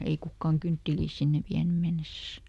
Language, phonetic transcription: Finnish, ei ˈkukkaaŋ "kynttiliis ˈsinnev ˈviäny ˈmennesäs .
- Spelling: ei kukaan kyntteliä sinne vienyt mennessään

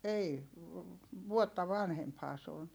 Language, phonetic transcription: Finnish, ei , vuotta vanhemphaa se on .
- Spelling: ei vuotta vanhempihan se on

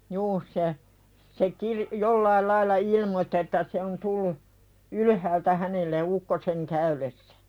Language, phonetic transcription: Finnish, 'juu se , se kirⁱ- , "jollail lailla 'ilmottⁱ että se on 'tullu , "ylyhäältä hänelle 'ukkoseŋ käylessᴀ̈ .
- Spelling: juu se se - jollakin lailla ilmoitti että se on tullut ylhäältä hänelle ukkosen käydessä

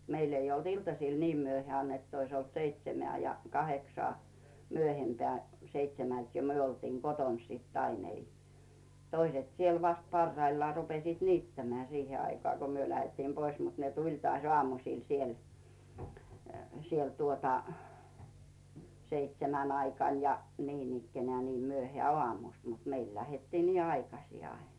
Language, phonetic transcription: Finnish, 'meil ‿ei olt ‿"iltasìl 'niim myöheä̀n ‿ett ‿ois olt "seitsemĕä̀ ja "kaheksᵒà , myöhempeä̀ , 'seitsemält jo "myö oltiiŋ 'Goton sit ‿ain ‿ei , "toiset siel vast 'parraillᵒà rupesiit 'niittämᵉä̀ 'siihe aikoà ko 'myö lähettiim 'pois mut ne "tuĺ tŏàś 'oàmusìl siel , siel tuota , 'seitsemän 'aikàn ja 'niinikkenää nii 'myöhᵉä̀ "oàmust mut 'meil lähettii nii "aikasi 'ain .
- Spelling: meillä ei ollut iltasilla niin myöhään että olisi ollut seitsemää ja kahdeksaa myöhempään seitsemältä jo me oltiin kotona sitten aina ei toiset siellä vasta parhaillaan rupesivat niittämään siihen aikaan kun me lähdettiin pois mutta ne tuli taas aamusilla siellä siellä tuota seitsemän aikana ja niin ikään niin myöhään aamusta mutta meillä lähdettiin niin aikaisin aina

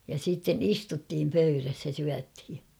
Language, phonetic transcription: Finnish, ja siitten "istuttiim 'pöyräs ja 'syäthi .
- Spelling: ja sitten istuttiin pöydässä ja syötiin

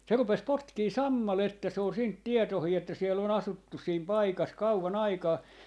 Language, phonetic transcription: Finnish, 'se rupes 'potkii "sammaletta se ol 'siint "tietohii että 'siell ‿o'n ‿asuttu siim 'paikas 'kauva'n ‿aikaa .
- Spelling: se rupesi potkimaan sammalta se oli siitä tietoinen että siellä on asuttu siinä paikassa kauan aikaa

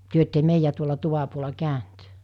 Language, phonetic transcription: Finnish, 'työ ette 'meijä tuola 'tuva puola 'kä̀önt ?
- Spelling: te ette meidän tuolla tuvan puolella käynyt

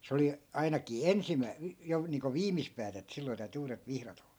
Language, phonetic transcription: Finnish, 'se oli , 'ainakii "ensimmäi̮- , jo niiŋko 'viimis päätä et 'silloi̮ täyty 'uuret 'vihrat ‿ol(la) .
- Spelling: se oli ainakin - jo niin kuin viimis päätä että silloin täytyi uudet vihdat olla

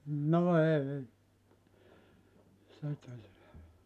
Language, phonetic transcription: Finnish, 'no 'ei , (se tullu) .
- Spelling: no ei se tullut

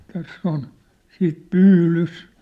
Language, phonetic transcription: Finnish, täss ‿on , 'siit "pyylys .
- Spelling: tässä on sitten pyydys

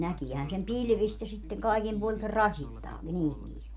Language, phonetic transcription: Finnish, 'näkiihän sem "pilvist ja sitteŋ 'kaikim puoli(n se) "rasittaa , 'ihmiist .
- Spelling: näkeehän sen pilvistä ja sitten kaikin puolin se rasittaa ihmistä

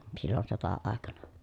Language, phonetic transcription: Finnish, sillon sota₍àekana .
- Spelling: silloin sota-aikana

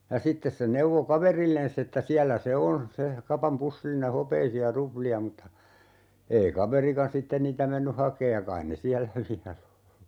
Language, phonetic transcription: Finnish, ja 'sittes se 'neuvo "kaverillenss ‿että 'siällä se "on , 'se , "kapam 'pussilline "hopeisi₍a 'rupli₍a mutta , 'ei 'kaverikan "sitten niitä 'menny "hakeej ja 'kain ne "siällä 'viäl ‿o .
- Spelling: ja sitten se neuvoi kaverilleen että siellä se on se kapan pussillinen hopeisia ruplia mutta ei kaverikaan sitten niitä mennyt hakemaan ja kai ne siellä vielä on

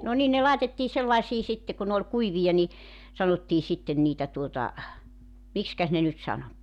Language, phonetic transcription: Finnish, no 'nin ne 'làetettii 'sellaisii sitte ku ne ‿oĺ 'kuivija ni , 'sanottii 'sitten niitä tuota , 'mikskäs ne nyt 'sano ?
- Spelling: no niin ne laitettiin sellaisiin sitten kun ne oli kuivia niin sanottiin sitten niitä tuota miksikäs ne nyt sanoi

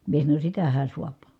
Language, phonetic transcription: Finnish, mie sanoń » sitähä suap » .
- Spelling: minä sanoin sitähän saa

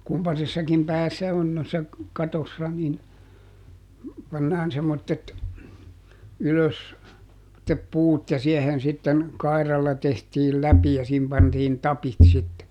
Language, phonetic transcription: Finnish, ˈkumpasessakim ˈpäässä on noissa , ˈkatossa nin , pannaan semmottet , ˈylös , [semmot]tep ˈpuut ja ˈsiɛhen sitten , ˈkairalla tehtiil "läpi ja siihim ˈpantiin "tapit sitte .
- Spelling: kumpaisessakin päässä on noissa katoissa niin pannaan semmoiset ylös semmoiset puut ja siihen sitten kairalla tehtiin läpi ja siihen pantiin tapit sitten

